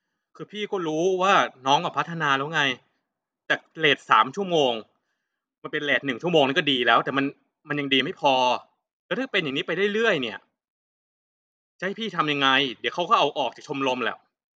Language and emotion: Thai, frustrated